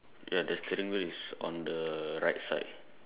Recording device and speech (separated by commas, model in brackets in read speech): telephone, conversation in separate rooms